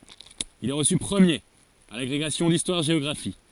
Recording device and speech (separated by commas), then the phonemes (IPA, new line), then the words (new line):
forehead accelerometer, read sentence
il ɛ ʁəsy pʁəmjeʁ a laɡʁeɡasjɔ̃ distwaʁʒeɔɡʁafi
Il est reçu premier à l'agrégation d'histoire-géographie.